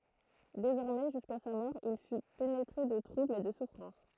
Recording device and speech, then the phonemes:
throat microphone, read sentence
dezɔʁmɛ ʒyska sa mɔʁ il fy penetʁe də tʁubl e də sufʁɑ̃s

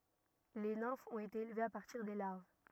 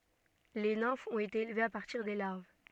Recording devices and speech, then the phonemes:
rigid in-ear microphone, soft in-ear microphone, read sentence
le nɛ̃fz ɔ̃t ete elvez a paʁtiʁ de laʁv

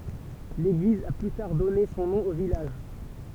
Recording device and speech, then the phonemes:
temple vibration pickup, read sentence
leɡliz a ply taʁ dɔne sɔ̃ nɔ̃ o vilaʒ

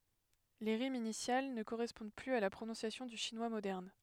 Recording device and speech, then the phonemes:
headset microphone, read sentence
le ʁimz inisjal nə koʁɛspɔ̃d plyz a la pʁonɔ̃sjasjɔ̃ dy ʃinwa modɛʁn

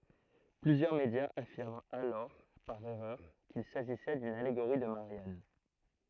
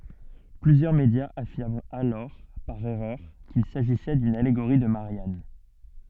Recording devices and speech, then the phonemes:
throat microphone, soft in-ear microphone, read sentence
plyzjœʁ medjaz afiʁmt alɔʁ paʁ ɛʁœʁ kil saʒisɛ dyn aleɡoʁi də maʁjan

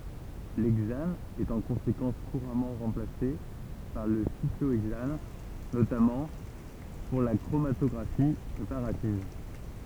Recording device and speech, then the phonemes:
temple vibration pickup, read sentence
lɛɡzan ɛt ɑ̃ kɔ̃sekɑ̃s kuʁamɑ̃ ʁɑ̃plase paʁ lə sikloɛɡzan notamɑ̃ puʁ la kʁomatɔɡʁafi pʁepaʁativ

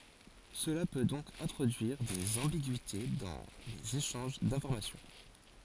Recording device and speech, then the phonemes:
forehead accelerometer, read sentence
səla pø dɔ̃k ɛ̃tʁodyiʁ dez ɑ̃biɡyite dɑ̃ lez eʃɑ̃ʒ dɛ̃fɔʁmasjɔ̃

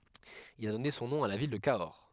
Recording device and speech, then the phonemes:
headset microphone, read sentence
il a dɔne sɔ̃ nɔ̃ a la vil də kaɔʁ

